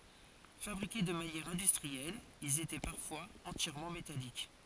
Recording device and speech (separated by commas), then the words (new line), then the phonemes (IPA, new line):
forehead accelerometer, read sentence
Fabriqués de manière industrielle, ils étaient parfois entièrement métalliques.
fabʁike də manjɛʁ ɛ̃dystʁiɛl ilz etɛ paʁfwaz ɑ̃tjɛʁmɑ̃ metalik